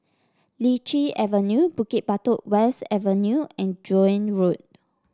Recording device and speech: standing microphone (AKG C214), read sentence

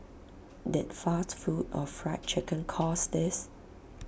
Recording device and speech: boundary microphone (BM630), read sentence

